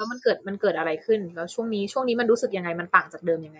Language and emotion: Thai, neutral